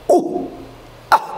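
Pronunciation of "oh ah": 'Oh ah' is said with a glottal stop: the air is blocked and then suddenly released.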